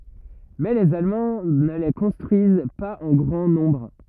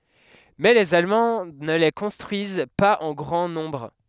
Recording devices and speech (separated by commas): rigid in-ear microphone, headset microphone, read sentence